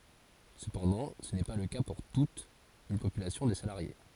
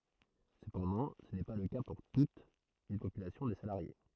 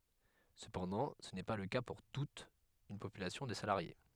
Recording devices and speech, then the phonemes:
forehead accelerometer, throat microphone, headset microphone, read sentence
səpɑ̃dɑ̃ sə nɛ pa lə ka puʁ tut yn popylasjɔ̃ də salaʁje

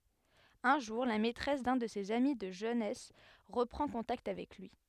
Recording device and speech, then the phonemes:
headset microphone, read sentence
œ̃ ʒuʁ la mɛtʁɛs dœ̃ də sez ami də ʒønɛs ʁəpʁɑ̃ kɔ̃takt avɛk lyi

